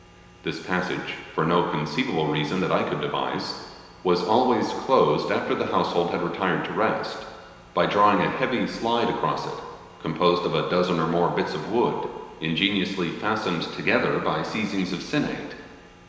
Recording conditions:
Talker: one person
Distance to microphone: 1.7 m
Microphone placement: close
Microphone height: 1.0 m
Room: very reverberant, large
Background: none

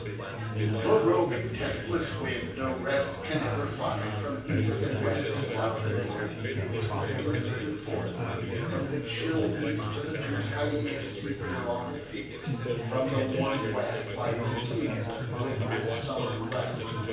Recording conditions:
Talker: one person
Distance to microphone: 9.8 m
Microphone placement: far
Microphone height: 1.8 m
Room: large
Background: babble

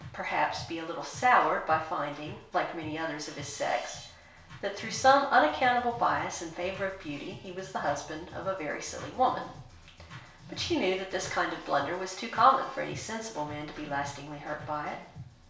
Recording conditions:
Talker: one person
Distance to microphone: 1.0 m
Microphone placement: close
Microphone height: 1.1 m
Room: small (3.7 m by 2.7 m)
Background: music

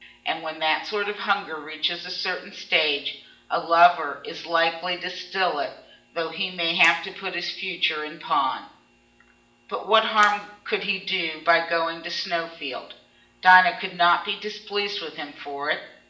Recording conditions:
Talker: one person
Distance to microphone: 1.8 m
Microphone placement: close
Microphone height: 1.0 m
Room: large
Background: none

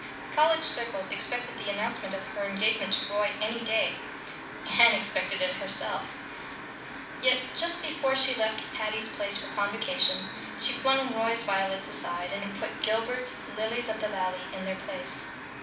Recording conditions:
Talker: one person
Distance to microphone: 5.8 m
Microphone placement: far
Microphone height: 1.8 m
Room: medium-sized (5.7 m by 4.0 m)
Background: music

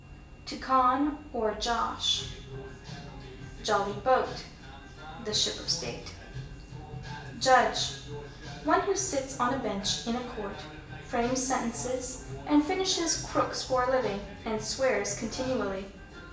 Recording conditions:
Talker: one person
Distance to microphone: 1.8 m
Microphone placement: close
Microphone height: 1.0 m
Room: large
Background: music

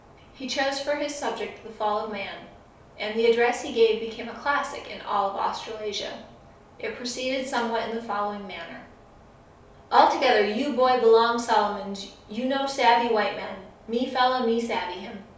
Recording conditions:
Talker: one person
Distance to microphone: 3.0 m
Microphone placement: far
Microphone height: 1.8 m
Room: small (3.7 m by 2.7 m)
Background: none

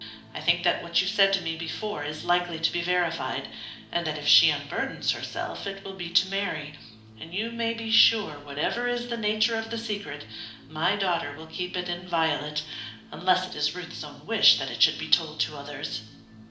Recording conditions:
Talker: one person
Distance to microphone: 2.0 m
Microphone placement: close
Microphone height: 99 cm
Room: medium-sized (5.7 m by 4.0 m)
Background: music

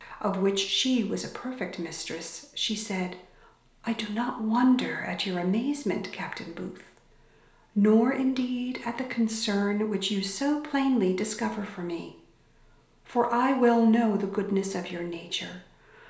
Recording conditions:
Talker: one person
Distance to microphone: 1.0 m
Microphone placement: close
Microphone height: 1.1 m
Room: small (3.7 m by 2.7 m)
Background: none

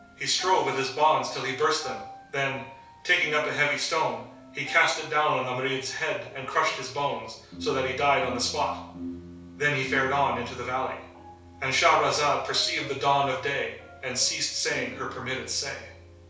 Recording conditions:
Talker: one person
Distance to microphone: 3.0 m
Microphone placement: far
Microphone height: 1.8 m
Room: small (3.7 m by 2.7 m)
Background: music

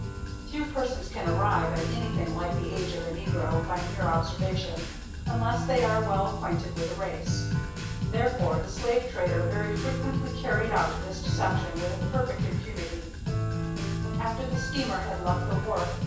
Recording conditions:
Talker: one person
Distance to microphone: 9.8 m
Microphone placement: far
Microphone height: 1.8 m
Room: large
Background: music

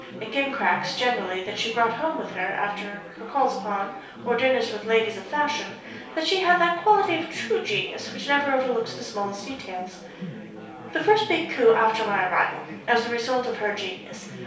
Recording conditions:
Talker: one person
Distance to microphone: 3.0 m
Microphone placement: far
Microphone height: 1.8 m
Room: small (3.7 m by 2.7 m)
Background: babble

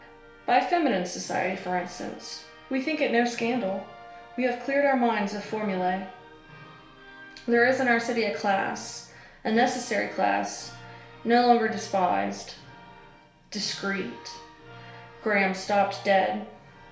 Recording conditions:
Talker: one person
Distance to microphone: 1.0 m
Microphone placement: close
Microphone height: 1.1 m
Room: small (3.7 m by 2.7 m)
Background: music

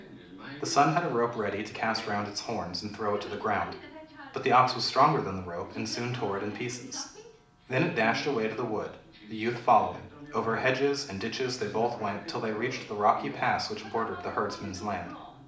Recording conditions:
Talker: one person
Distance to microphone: 2.0 m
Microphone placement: close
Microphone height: 99 cm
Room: medium-sized (5.7 m by 4.0 m)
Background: television

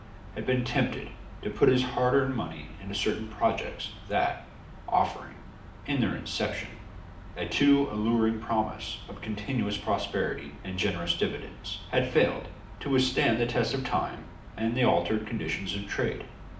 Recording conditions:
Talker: one person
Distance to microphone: 2.0 m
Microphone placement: close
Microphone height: 99 cm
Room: medium-sized (5.7 m by 4.0 m)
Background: none

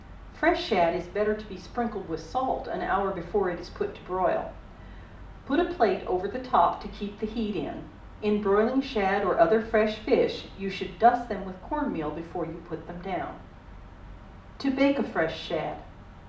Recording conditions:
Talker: one person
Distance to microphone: 2.0 m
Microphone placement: close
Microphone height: 99 cm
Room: medium-sized (5.7 m by 4.0 m)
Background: none

